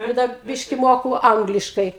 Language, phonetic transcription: Lithuanian, ˈir dar ˈbiški ˈmoku ˈangliškai

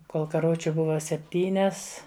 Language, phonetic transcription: Lithuanian, ˈkol karˈvučiu ˈbuva sepˈtynias

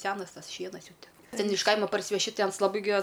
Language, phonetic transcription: Lithuanian, ˈsenas ˈtas ˈšienas ˈjau ˈten ˈten iš ˈkaima parsiveˈši ˈtai ˈans laˈbai gi as

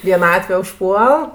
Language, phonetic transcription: Lithuanian, vieˈnatve užˈpuol

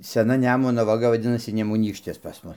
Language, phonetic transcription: Lithuanian, seˈna ˈnemuno vaˈga vaˈdinasi nemuˈnykštis pas ˈmus

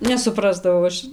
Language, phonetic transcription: Lithuanian, nesuˈprasdavau ˈaš

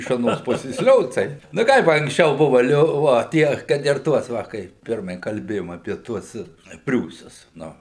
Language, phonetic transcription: Lithuanian, iš aˈnos ˈpusės ˈliocai nu ˈkaip anksˈčiau ˈbuva ˈlio ˈvo ˈtie kad ir ˈtuos ˈva ˈkai ˈpirmai kalˈbėjom apie ˈtuos ˈpriūsus ˈnu

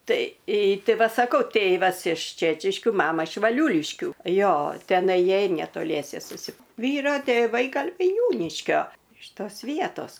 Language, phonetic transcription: Lithuanian, ˈtai ˈti ˈva saˈkau ˈtėvas iš ˈčečiškiu ˈmama iš vaˈliūliškių ˈjo teˈnai ˈjiej netoˈliese susi ˈvyro tėˈvai ˈgal' vaiˈniūniškio iš ˈtos ˈvietos

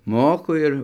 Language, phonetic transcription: Lithuanian, ˈmoku ˈir

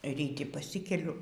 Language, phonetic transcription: Lithuanian, ryˈti paˈsikeliu

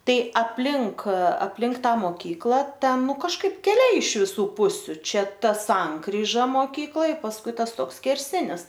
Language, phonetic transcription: Lithuanian, ˈtai apˈlink apˈlink ˈtą moˈkykla ˈten ˈnu kažˈkaip keˈliai iš viˈsų ˈpusiu ˈčia ˈta ˈsankryža moˈkykloj pasˈkui ˈtas ˈtoks skerˈsinis

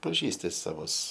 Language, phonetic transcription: Lithuanian, paˈžįsti saˈvus

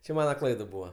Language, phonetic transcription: Lithuanian, čia ˈmana ˈklaid ˈbūva

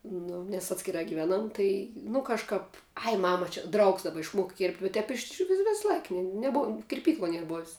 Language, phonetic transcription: Lithuanian, ˈnu nes ˈatskirā giˈvenam ˈtai nu kažˈkāp ai ˈmama čia ˈdraugs daˈba išˈmuoka kėrpt' u ˈtep išˈvi ˈves ˈlaik neˈbuom kirˈpykloj ˈnier ˈbov's'

